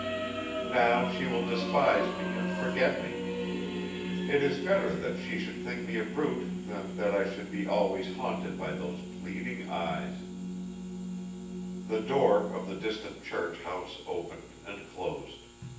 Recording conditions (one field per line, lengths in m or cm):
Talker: one person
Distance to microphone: 9.8 m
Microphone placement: far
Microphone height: 1.8 m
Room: large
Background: music